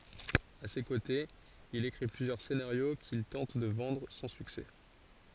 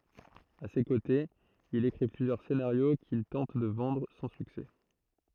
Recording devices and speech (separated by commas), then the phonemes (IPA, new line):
forehead accelerometer, throat microphone, read sentence
a se kotez il ekʁi plyzjœʁ senaʁjo kil tɑ̃t də vɑ̃dʁ sɑ̃ syksɛ